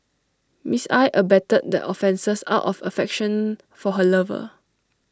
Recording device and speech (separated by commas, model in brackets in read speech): standing microphone (AKG C214), read sentence